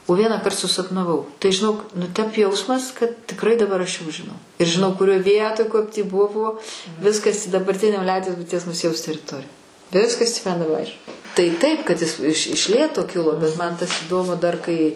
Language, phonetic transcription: Lithuanian, o ˈvienąkart susapnaˈvau tai žiˈnok nu ˈtep ˈjausmas kad tikˈrai daˈbar aš jau žiˈnau ir žiˈnau kuˈrioj ˈvietoj ˈkap tį ˈbuvo ˈviskas dabarˈtinio ˈliaudies buiˈties muˈziejaus teriˈtori ˈviskas tį man daˈba ˈaiš tai ˈtaip kad ˈis iš iš ˈlėto ˈkilo bet ˈman tas įˈdomu dar ˈkai

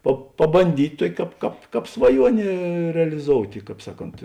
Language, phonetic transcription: Lithuanian, pa pabanˈdyt' ˈtuok' ˈkāp ˈkāp ˈkāp svaˈjuonė reliˈzoutė ˈkāp ˈsaˌkont

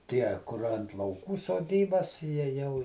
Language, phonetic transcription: Lithuanian, ˈtie kur ant lauˈkų soˈdybas ˈjie ˈjau

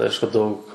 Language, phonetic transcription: Lithuanian, ˈaišku ˈdaug

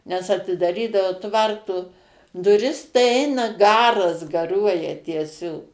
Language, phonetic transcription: Lithuanian, nes atidaˈrydavo ˈtvarto duˈris tai ˈeina ˈgaras gaˈruoja tieˈsiog

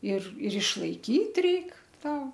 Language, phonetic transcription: Lithuanian, ir ir išlaiˈkyt ˈreik ˈta

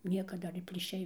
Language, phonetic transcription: Lithuanian, ˈnieka ˈdar ir plyˈšiai

